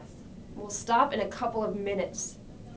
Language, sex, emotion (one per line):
English
female
angry